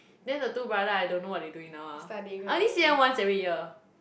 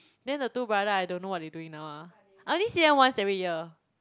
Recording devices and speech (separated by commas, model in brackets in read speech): boundary microphone, close-talking microphone, conversation in the same room